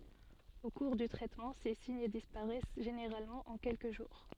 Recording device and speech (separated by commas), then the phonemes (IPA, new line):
soft in-ear microphone, read sentence
o kuʁ dy tʁɛtmɑ̃ se siɲ dispaʁɛs ʒeneʁalmɑ̃ ɑ̃ kɛlkə ʒuʁ